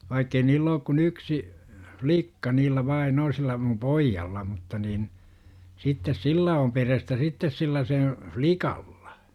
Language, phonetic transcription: Finnish, vaikkei 'niill ‿ook kun "yksi , hvlikka niillä 'vai'n ‿o sillä mum "poijjalla mutta nin , sittes "sillä om 'perestä sittes 'sillä sen̬ , "flikaLLA .
- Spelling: vaikka ei niillä ole kuin yksi likka niillä vain on sillä minun pojalla mutta niin sitten sillä on perhettä sitten sillä sen likalla

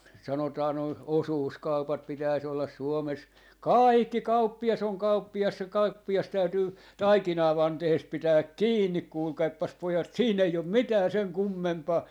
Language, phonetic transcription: Finnish, 'sanotaa noi , "osuuskaupat 'pitäis ‿ollas 'Suomes , "kàikki "kauppi₍as ‿oŋ 'kauppi₍as se 'kauppi₍as täytyy , "taikinavantehest 'pitääk "kiinnik 'kuulkaippas 'pojat 'sii'n ‿ei om "mitää 'seŋ 'kummempaa .
- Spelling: sanotaan nuo osuuskaupat pitäisi olla Suomessa kaikki kauppias on kauppias se kauppias täytyy taikinavanteesta pitää kiinni kuulkaapas pojat siinä ei ole mitään sen kummempaa

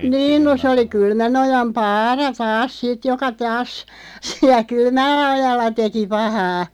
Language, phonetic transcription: Finnish, 'niin no se oli 'Kylmänojam "Paara 'taas "sit joka 'taas , 'si(äl)ä "Kylmällä₍ojalla 'teki 'pahaa .
- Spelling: niin no se oli Kylmänojan Paara taas sitten joka taas siellä Kylmälläojalla teki pahaa

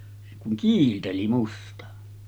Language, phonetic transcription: Finnish, se kuŋ "kiilteli 'musta .
- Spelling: se kun kiilteli musta

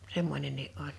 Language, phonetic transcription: Finnish, 'semmońennii ’oĺ .
- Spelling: semmoinenkin oli

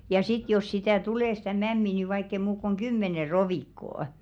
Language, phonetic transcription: Finnish, ja 'sit jos 'sitä̀ "tulè stä̀ "mämmi ni vaikk ‿ei muuk kuŋ "ɢymmene 'rovìkkoo' .
- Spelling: ja sitten jos sitä tulee sitä mämmiä niin vaikka ei muuta kuin kymmenen rovikkoa

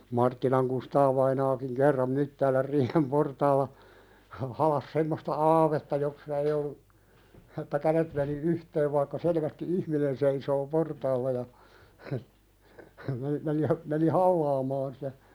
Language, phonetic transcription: Finnish, 'Marttilaŋ Kustaavainaakiŋ kerram 'Myttäälär 'riihem "portaalla , ha- 'halas semmosta "aavetta (jossa) ei ollu , että "kälet meni "yhteev vaikka 'selvästi "ihminen seisoo 'portaalla ja , hə , hə meni , meni hə , meni "hallaamaan sitä ,.
- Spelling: Marttilan Kustaa-vainaakin kerran Myttäälän riihen portaalla - halasi semmoista aavetta jossa ei ollut että kädet meni yhteen vaikka selvästi ihminen seisoo portaalla ja - - meni meni - meni halaamaan sitä

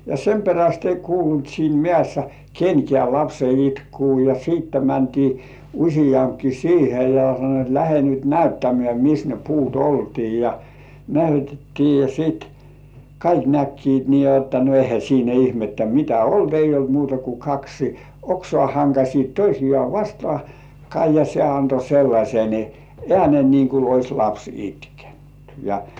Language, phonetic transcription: Finnish, ja "sem 'peräst ei kuulunt siin 'mĕä̀ssä "kenkĕä̀ lapse 'itkuu ja siitte mäntii , 'uśijampki "siihe ja san̆noit et 'lähe nyt "näyttämĕä̀ , et 'mis ne puut "oltii ja , "näytettii ja 'sìt , "kaik 'näkkiit nii jotta no ehä siinä 'ihmettä "mitä "olt "eij̆j ‿olt muuta ku 'kaksi , "oksŏà haŋkaśiit 'toisijŏà "vastŏàkkai ja se anto sellaśen , "ĕ§ä̀nen niiŋ ku ois laps itkᴇɴtʏ , ja .
- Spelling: ja sen perästä ei kuulunut siinä mäessä kenkään lapsen itkua ja sitten mentiin useampikin siihen ja sanoivat että lähde nyt näyttämään että missä ne puut oltiin ja näytettiin ja sitten kaikki näkivät niin jotta no eihän siinä ihmettä mitä ollut ei ollut muuta kuin kaksi oksaa hankasivat toisiaan vastakkain ja se antoi sellaisen äänen niin kuin olisi lapsi itkenyt ja

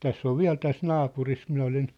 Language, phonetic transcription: Finnish, 'täss ‿ov "viä̭l täs 'naapuris 'minä olin ,.
- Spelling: tässä on vielä tässä naapurissa minä olin

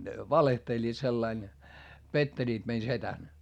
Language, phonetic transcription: Finnish, ne valehteĺĺiit sellain , petteĺiit mei setän .
- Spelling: ne valehtelivat sillä lailla pettelivät meidän sedän

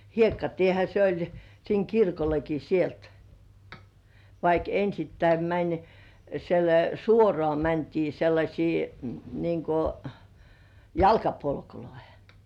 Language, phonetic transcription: Finnish, 'hiekkatiehä se oĺ , siiŋ "kirkolleki sielt , vaik 'ensittäi mäń sel- "suorŏ§à mäntii 'sellaśii , niŋ ko , "jalkapolkuloihᴇ .
- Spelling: hiekkatiehän se oli siinä kirkollekin sieltä vaikka ensittäin meni - suoraan mentiin sellaisia niin kuin jalkapolkuihin

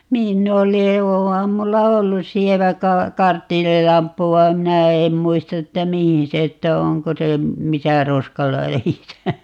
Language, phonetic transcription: Finnish, 'niin ne oli (va) 'oham 'mulla "ollu 'sievä 'ka- , "karttiililamppu vaem 'minä 'eem 'muist ‿että "mihin 'se ‿ttä 'oŋko se , "misä 'roskaläjisä .
- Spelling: niin ne oli vaan onhan minulla ollut sievä - karbidilamppu vaan minä en muista että mihin se että onko se missä roskaläjissä

